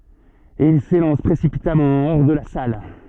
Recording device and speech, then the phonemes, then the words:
soft in-ear microphone, read sentence
e il selɑ̃s pʁesipitamɑ̃ ɔʁ də la sal
Et il s'élance précipitamment hors de la salle.

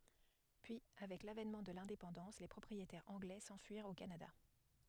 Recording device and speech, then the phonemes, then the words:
headset microphone, read sentence
pyi avɛk lavɛnmɑ̃ də lɛ̃depɑ̃dɑ̃s le pʁɔpʁietɛʁz ɑ̃ɡlɛ sɑ̃fyiʁt o kanada
Puis avec l'avènement de l'indépendance les propriétaires anglais s'enfuirent au Canada.

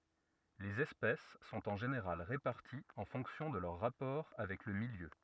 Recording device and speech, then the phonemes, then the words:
rigid in-ear microphone, read sentence
lez ɛspɛs sɔ̃t ɑ̃ ʒeneʁal ʁepaʁtiz ɑ̃ fɔ̃ksjɔ̃ də lœʁ ʁapɔʁ avɛk lə miljø
Les espèces sont en général réparties en fonction de leurs rapports avec le milieu.

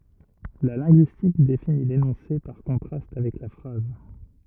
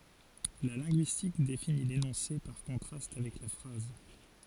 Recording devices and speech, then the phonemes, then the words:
rigid in-ear microphone, forehead accelerometer, read sentence
la lɛ̃ɡyistik defini lenɔ̃se paʁ kɔ̃tʁast avɛk la fʁaz
La linguistique définit l'énoncé par contraste avec la phrase.

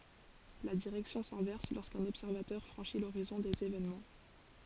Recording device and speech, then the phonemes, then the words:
forehead accelerometer, read sentence
la diʁɛksjɔ̃ sɛ̃vɛʁs loʁskœ̃n ɔbsɛʁvatœʁ fʁɑ̃ʃi loʁizɔ̃ dez evenmɑ̃
La direction s'inverse lorsqu'un observateur franchit l'horizon des événements.

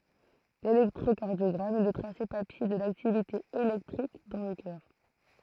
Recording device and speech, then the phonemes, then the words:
throat microphone, read sentence
lelɛktʁokaʁdjɔɡʁam ɛ lə tʁase papje də laktivite elɛktʁik dɑ̃ lə kœʁ
L'électrocardiogramme est le tracé papier de l'activité électrique dans le cœur.

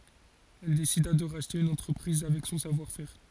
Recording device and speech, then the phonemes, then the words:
forehead accelerometer, read sentence
ɛl desida də ʁaʃte yn ɑ̃tʁəpʁiz avɛk sɔ̃ savwaʁ fɛʁ
Elle décida de racheter une entreprise avec son savoir-faire.

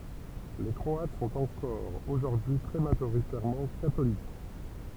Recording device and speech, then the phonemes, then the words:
temple vibration pickup, read sentence
le kʁɔat sɔ̃t ɑ̃kɔʁ oʒuʁdyi y tʁɛ maʒoʁitɛʁmɑ̃ katolik
Les Croates sont encore aujourd'hui très majoritairement catholiques.

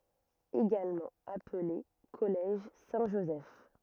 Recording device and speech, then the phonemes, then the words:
rigid in-ear microphone, read sentence
eɡalmɑ̃ aple kɔlɛʒ sɛ̃tʒozɛf
Également appelé Collège Saint-Joseph.

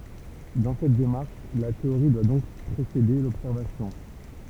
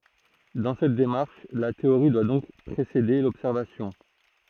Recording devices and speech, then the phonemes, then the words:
temple vibration pickup, throat microphone, read sentence
dɑ̃ sɛt demaʁʃ la teoʁi dwa dɔ̃k pʁesede lɔbsɛʁvasjɔ̃
Dans cette démarche, la théorie doit donc précéder l'observation.

